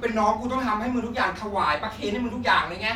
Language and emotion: Thai, angry